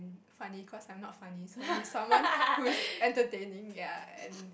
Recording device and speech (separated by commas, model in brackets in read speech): boundary microphone, conversation in the same room